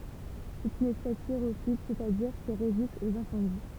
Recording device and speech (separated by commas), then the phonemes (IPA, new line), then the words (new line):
temple vibration pickup, read sentence
sɛt yn ɛspɛs piʁofit sɛstadiʁ ki ʁezist oz ɛ̃sɑ̃di
C'est une espèce pyrophyte, c'est-à-dire qui résiste aux incendies.